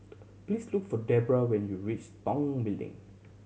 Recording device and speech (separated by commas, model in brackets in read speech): mobile phone (Samsung C7100), read sentence